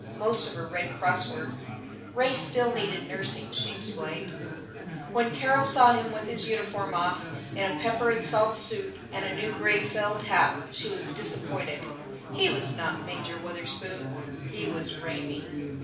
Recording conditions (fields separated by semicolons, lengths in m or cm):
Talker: one person; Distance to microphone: 5.8 m; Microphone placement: far; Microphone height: 1.8 m; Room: medium-sized (5.7 m by 4.0 m); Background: babble